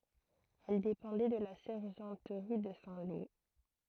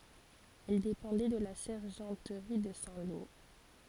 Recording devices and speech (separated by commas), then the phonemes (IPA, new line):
throat microphone, forehead accelerometer, read sentence
ɛl depɑ̃dɛ də la sɛʁʒɑ̃tʁi də sɛ̃ lo